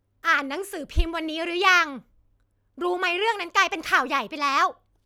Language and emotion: Thai, angry